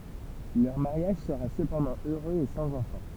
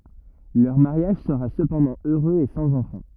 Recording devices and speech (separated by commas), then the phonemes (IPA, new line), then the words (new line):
temple vibration pickup, rigid in-ear microphone, read sentence
lœʁ maʁjaʒ səʁa səpɑ̃dɑ̃ øʁøz e sɑ̃z ɑ̃fɑ̃
Leur mariage sera cependant heureux et sans enfant.